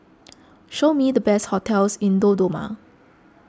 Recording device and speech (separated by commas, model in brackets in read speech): close-talking microphone (WH20), read sentence